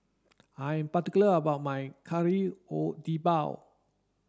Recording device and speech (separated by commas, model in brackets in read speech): standing microphone (AKG C214), read sentence